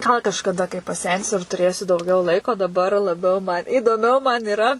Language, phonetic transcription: Lithuanian, gal kažkaˈda kai paˈsensiu ir tuˈrėsiu dauˈgiau ˈlaiko daˈbar laˈbiau man įdoˈmiau man iˈra

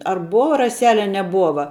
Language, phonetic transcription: Lithuanian, ar ˈbova raˈsele a neˈbuova

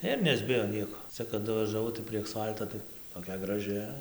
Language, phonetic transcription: Lithuanian, ir nesˈbijo ˈnieko ˈcia kaˈdu važaˈvau tai prie aksˈfalto tai toˈkia graˈži

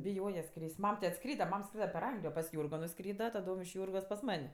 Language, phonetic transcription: Lithuanian, biˈjoje ˈskrys't' ˈmam ti atˈskryda ˈmam ˈskryda per ˈanglijo pas ˈjūrgo nuˈskryda taˈdom iš ˈjūrgos pas ˈman'

